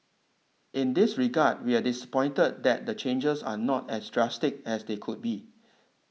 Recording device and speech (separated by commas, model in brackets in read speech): mobile phone (iPhone 6), read sentence